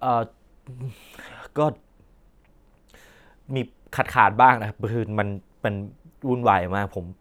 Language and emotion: Thai, sad